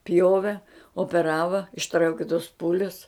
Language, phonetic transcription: Lithuanian, ˈpjove opeˈrava išˈtrauki tos ˈpūlius

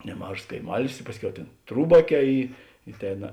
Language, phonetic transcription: Lithuanian, neˈmažs kaiˈmalis i ˈpasˌkiau ˈtėn ˈtrūbaˌkē ˈy i ˈtėna

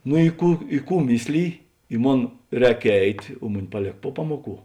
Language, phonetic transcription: Lithuanian, nu i ˈkų i ˈkų ˈmisliji i ˈmon ˈrēk ˈeit' o ˈmuˌni paˈlėk pu ˈpamuoˌkų

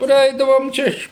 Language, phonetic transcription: Lithuanian, praˈeidavom ˈčia iš

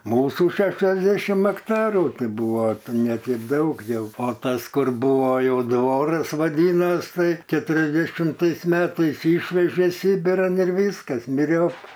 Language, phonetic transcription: Lithuanian, ˈmūsų ˈšešiasdešim akˈtaru ˈtai ˈbūvo ne ˈteip ˈdaug ˈjau o ˈtas ˈkur ˈbūvo ˈjau ˈdvoras ˈvadynos ˈtai keturiasdešimˈtais ˈmetais ˈyšvežė ˈsybiran ir ˈvyskas miˈriop

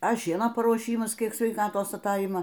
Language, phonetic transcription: Lithuanian, a ˈšieno paruoˈšymas ˈkiek sveiˈkatos aˈtaima

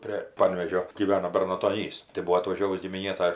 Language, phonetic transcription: Lithuanian, prė ˈpanvėžio gyˈveno bernatoˈnys tai ˈbuo atvaˈžiovus gimiˈnė ˈta

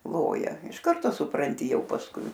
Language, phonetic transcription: Lithuanian, ˈloja iš ˈkarto supranˈti ˈjau pasˈkui

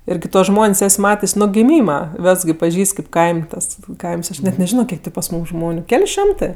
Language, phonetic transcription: Lithuanian, ˈir kai tuos ˈžmon's' ˈes' ˈmatės' nu giˈmyma ˈves gi paˈžįs't' kaip kaim' ˈtas ˈkaims ˈaš net neˈžino ˈkiek tė pas ˈmūmˈžmoniu ˈkel' ˈšiomtɜ

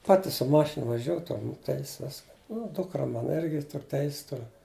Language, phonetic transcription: Lithuanian, ˈpati su ˈmašina vaˈžiū ˈtam ˈteis ˈvis ˈnu ˈdukra ˈmana ˈirgi ˈtur ˈteisis ˈtur

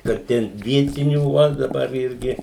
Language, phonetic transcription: Lithuanian, kad ˈten ˈvietinių ˈva daˈbar ˈirgi

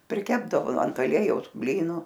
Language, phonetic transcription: Lithuanian, priˈkepdavo ant aˈliejaus ˈblynų

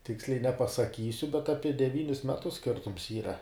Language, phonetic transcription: Lithuanian, ˈtiksliai nepasaˈkysiu bet ˈapie deˈvynis meˈtus ˈskirtums ˈyˈra

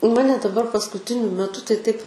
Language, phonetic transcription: Lithuanian, ˈmane daˈbar paskuˈtiniu meˈtu tai taip

